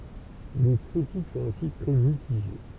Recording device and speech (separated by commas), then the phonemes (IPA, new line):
temple vibration pickup, read sentence
le kʁitik sɔ̃t osi tʁɛ mitiʒe